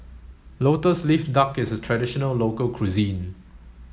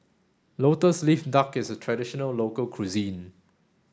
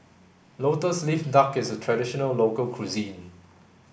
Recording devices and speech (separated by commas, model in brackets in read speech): mobile phone (Samsung S8), standing microphone (AKG C214), boundary microphone (BM630), read sentence